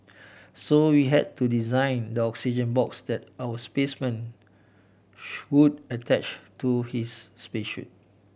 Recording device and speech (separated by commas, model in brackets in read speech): boundary microphone (BM630), read sentence